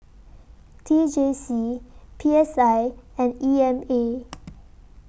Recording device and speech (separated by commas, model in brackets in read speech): boundary microphone (BM630), read sentence